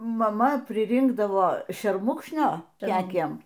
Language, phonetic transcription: Lithuanian, maˈma priˈrinkdavo šerˈmukšnio ˈkekiem

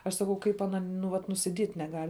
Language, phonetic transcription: Lithuanian, aš saˈkau ˈkaip aˈna nu ˈvat nusiˈdiet' neˈgal'

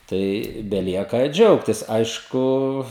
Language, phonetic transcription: Lithuanian, tai beˈlieka ˈdžiaugtis ˈaišku

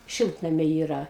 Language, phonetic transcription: Lithuanian, ˈšiltnamiai ˈyra

